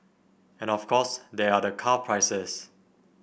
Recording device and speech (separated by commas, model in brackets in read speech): boundary microphone (BM630), read sentence